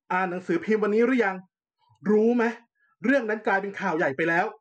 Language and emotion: Thai, angry